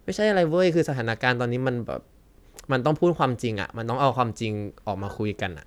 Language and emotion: Thai, neutral